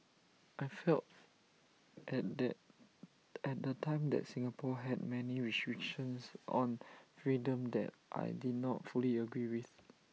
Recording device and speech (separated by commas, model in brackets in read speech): mobile phone (iPhone 6), read sentence